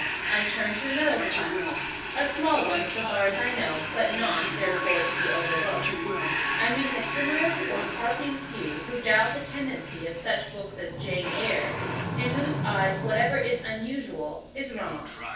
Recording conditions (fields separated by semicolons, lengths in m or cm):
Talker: one person; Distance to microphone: 9.8 m; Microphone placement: far; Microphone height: 1.8 m; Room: large; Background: television